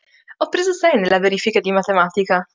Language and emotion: Italian, happy